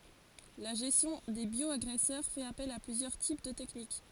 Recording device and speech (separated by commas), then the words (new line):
forehead accelerometer, read sentence
La gestion des bioagresseurs fait appel à plusieurs types de techniques.